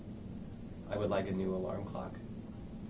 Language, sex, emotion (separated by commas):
English, male, neutral